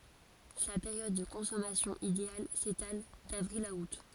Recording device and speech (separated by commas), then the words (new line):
forehead accelerometer, read sentence
Sa période de consommation idéale s'étale d'avril à août.